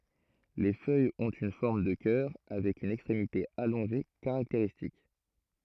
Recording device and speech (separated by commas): throat microphone, read sentence